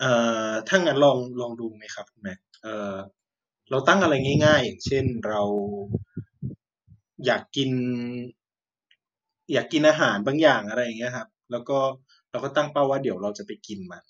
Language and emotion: Thai, frustrated